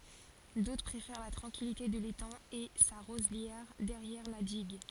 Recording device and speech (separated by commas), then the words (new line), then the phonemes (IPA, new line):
forehead accelerometer, read sentence
D'autres préfèrent la tranquillité de l'étang et sa roselière derrière la digue.
dotʁ pʁefɛʁ la tʁɑ̃kilite də letɑ̃ e sa ʁozljɛʁ dɛʁjɛʁ la diɡ